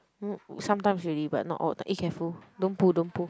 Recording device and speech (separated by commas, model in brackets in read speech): close-talking microphone, conversation in the same room